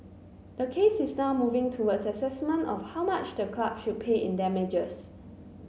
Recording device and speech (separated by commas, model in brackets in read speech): mobile phone (Samsung C9), read sentence